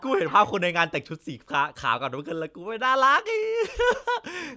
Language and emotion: Thai, happy